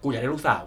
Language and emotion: Thai, neutral